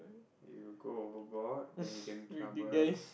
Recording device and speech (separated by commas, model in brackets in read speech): boundary microphone, conversation in the same room